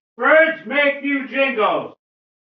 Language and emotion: English, angry